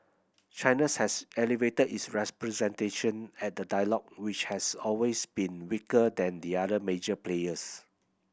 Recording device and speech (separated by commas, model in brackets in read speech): boundary microphone (BM630), read sentence